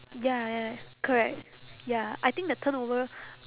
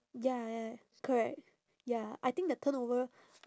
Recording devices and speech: telephone, standing microphone, conversation in separate rooms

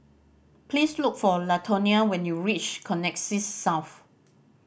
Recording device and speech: boundary microphone (BM630), read sentence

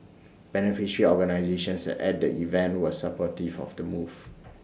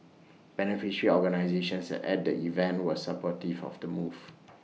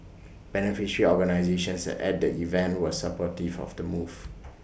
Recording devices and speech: standing microphone (AKG C214), mobile phone (iPhone 6), boundary microphone (BM630), read sentence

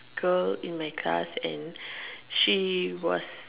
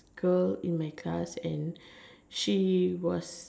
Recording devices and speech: telephone, standing microphone, conversation in separate rooms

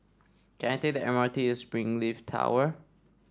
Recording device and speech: standing microphone (AKG C214), read sentence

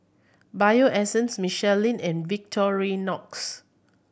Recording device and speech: boundary microphone (BM630), read sentence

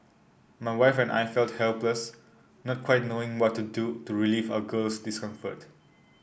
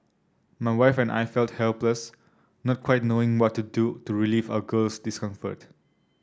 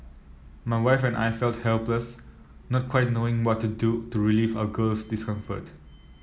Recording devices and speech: boundary microphone (BM630), standing microphone (AKG C214), mobile phone (iPhone 7), read sentence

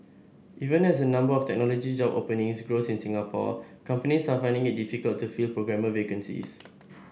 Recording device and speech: boundary microphone (BM630), read sentence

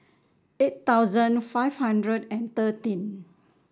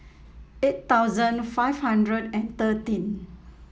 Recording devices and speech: standing microphone (AKG C214), mobile phone (iPhone 7), read sentence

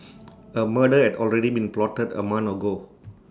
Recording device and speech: standing microphone (AKG C214), read sentence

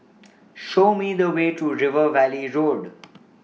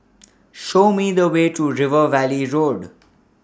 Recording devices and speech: mobile phone (iPhone 6), standing microphone (AKG C214), read sentence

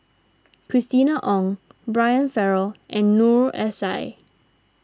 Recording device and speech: standing microphone (AKG C214), read sentence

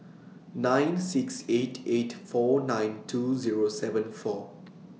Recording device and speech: mobile phone (iPhone 6), read sentence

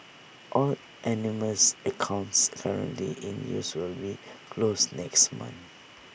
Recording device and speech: boundary microphone (BM630), read sentence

